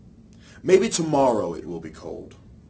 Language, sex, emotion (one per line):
English
male
neutral